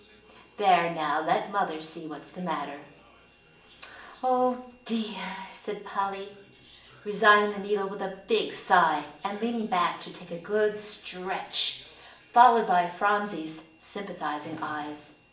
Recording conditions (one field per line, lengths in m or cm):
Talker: one person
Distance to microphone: 1.8 m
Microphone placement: close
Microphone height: 1.0 m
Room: large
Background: television